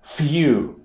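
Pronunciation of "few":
In 'few', the f is pronounced as a hard consonant, not a soft one.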